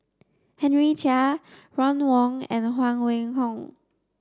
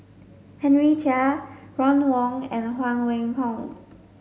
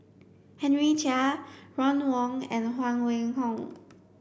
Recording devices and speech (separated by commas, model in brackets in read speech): standing microphone (AKG C214), mobile phone (Samsung S8), boundary microphone (BM630), read sentence